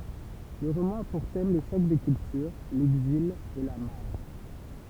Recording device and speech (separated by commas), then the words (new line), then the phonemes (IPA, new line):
temple vibration pickup, read sentence
Le roman a pour thème le choc des cultures, l’exil et la marge.
lə ʁomɑ̃ a puʁ tɛm lə ʃɔk de kyltyʁ lɛɡzil e la maʁʒ